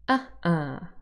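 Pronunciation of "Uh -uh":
'Uh-uh' begins with a glottal stop before the first vowel, heard as a sharp, scratchy sound at the start.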